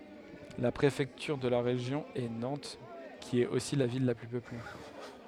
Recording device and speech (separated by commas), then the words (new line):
headset microphone, read sentence
La préfecture de région est Nantes, qui est aussi la ville la plus peuplée.